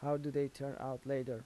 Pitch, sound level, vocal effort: 140 Hz, 83 dB SPL, normal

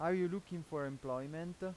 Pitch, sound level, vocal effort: 170 Hz, 92 dB SPL, loud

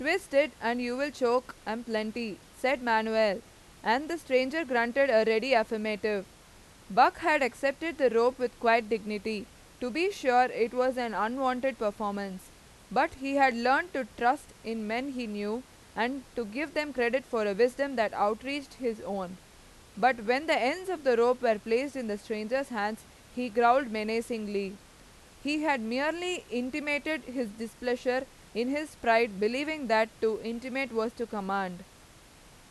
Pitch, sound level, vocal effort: 240 Hz, 93 dB SPL, very loud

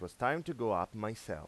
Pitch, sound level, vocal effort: 110 Hz, 91 dB SPL, normal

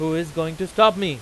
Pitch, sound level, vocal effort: 170 Hz, 99 dB SPL, very loud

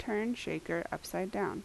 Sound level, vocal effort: 77 dB SPL, normal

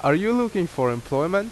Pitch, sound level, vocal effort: 160 Hz, 86 dB SPL, loud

